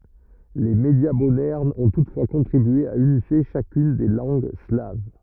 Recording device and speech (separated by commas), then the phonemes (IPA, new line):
rigid in-ear microphone, read sentence
le medja modɛʁnz ɔ̃ tutfwa kɔ̃tʁibye a ynifje ʃakyn de lɑ̃ɡ slav